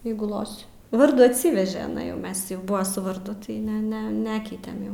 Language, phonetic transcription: Lithuanian, ˈjeigu ˈlosi ˈvardų atˈsyveže iˈnai ˈmes jau ˈbuva su varˈdu tai ˈne ˈne ˈnekeitem jau

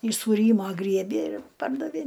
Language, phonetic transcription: Lithuanian, iš sūˈrymo ˈgriebė ir ˈpardavė

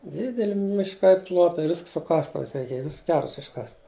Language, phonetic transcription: Lithuanian, ˈdideli mišˈkai ˈplotai ˈvisk su ˈkastuvais reiˈkėj ˈvis ˈkers išˈkast'

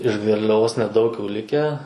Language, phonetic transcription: Lithuanian, iš garliaˈvos neˈdaug jau ˈlikę

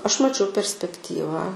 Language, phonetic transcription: Lithuanian, ˈaš ˈmačiau perspekˈtyva

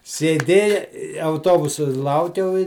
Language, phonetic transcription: Lithuanian, sėˈdėja i auˈtobusu ˈlaukiau i

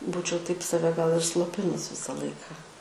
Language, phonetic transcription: Lithuanian, ˈbūčiau taip saˈve gal ir sloˈpinus ˈvisa ˈlaiką

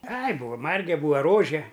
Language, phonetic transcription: Lithuanian, ai ˈbūva ˈmarge ˈbūva ˈrože

